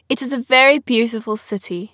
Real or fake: real